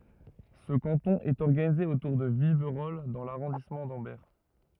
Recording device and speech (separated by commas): rigid in-ear microphone, read sentence